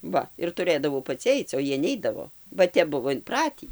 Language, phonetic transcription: Lithuanian, ˈva ir tuˈrɘdavau paˈci ˈaic o ˈjie ˈneidavo ba ˈtep ˈbuvo inˈpratį

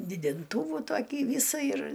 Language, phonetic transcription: Lithuanian, didinˈtūvų ˈtokį ˈvysa ir

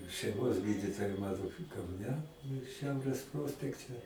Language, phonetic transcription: Lithuanian, šeiˈmos ˈgyditoja ˈmano kauˈne ˈšiaurės ˈprospekte

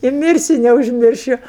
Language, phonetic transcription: Lithuanian, i ˈmirsiu neužˈmiršiu

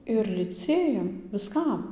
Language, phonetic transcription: Lithuanian, ir liˈcėjam viˈskam

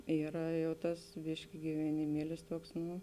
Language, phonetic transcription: Lithuanian, ˈyra ˈjau ˈtas ˈbiški giveniˈmielis ˈtuoks ˈnu

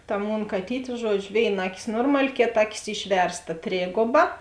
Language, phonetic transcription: Lithuanian, ta ˈmon kaˈtyt' ˈžuodžiu ˈvėiˌna ˈaˌkis ˈnormali ˈkėˌta ˈaˌkis ˈišversˌta ˈtrėgoba

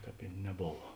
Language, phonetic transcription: Lithuanian, ˈkāp i neˈbova

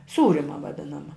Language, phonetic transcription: Lithuanian, ˈsūrima vaˈdinama

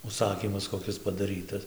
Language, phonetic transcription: Lithuanian, užˈsakymas koˈkis padaˈrytas

